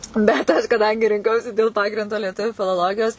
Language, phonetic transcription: Lithuanian, bet ˈaš kaˈdangi rinˈkausi dėl ˈpagrindo lieˈtuviu filoˈlogijos

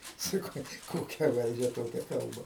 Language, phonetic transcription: Lithuanian, saˈkau ˈkokia ˈvaldžia ˈtokia ˈkalba

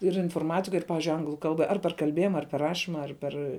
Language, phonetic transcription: Lithuanian, ir inforˈmatika ir ˈpavižiui ˈanglu ˈkalba ˈar per kalˈbėjima ar per ˈrašyma ar ˈper

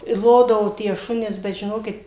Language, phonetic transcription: Lithuanian, i ˈlodavo tie ˈšunes bet žiˈnokit

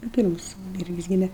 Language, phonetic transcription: Lithuanian, nu ˈpyrmus ˈvirgis ˈgyme

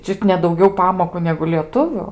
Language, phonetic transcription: Lithuanian, ˈčiut ne dauˈgiau ˈpamoku negu lieˈtuviu

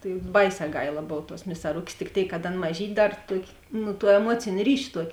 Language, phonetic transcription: Lithuanian, tai ˈbaiˌsē ˈgaila ˈbov tuos misaˈrukės tik ˈtėik kad ˈan maˈžyt' ˈdar ˈtuokė ˈnu tuo eˈmuocėn' ˈryš' ˈtuok'

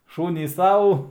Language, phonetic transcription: Lithuanian, ˈšūnys ˈsau

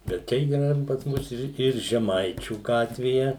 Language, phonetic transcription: Lithuanian, bet ˈčia yˈra ir pas ˈmus ir ir žeˈmaičių ˈgatvėje

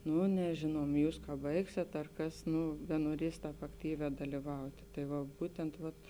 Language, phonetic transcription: Lithuanian, ˈnu neˈžėnuom ˈjūs ka ˈbaigsėt ar ˈkas ˈnu benuoˈries ˈtāp akˈtyvē dalyˈvautė tai ˈva ˈbūtent vat

